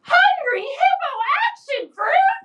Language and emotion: English, happy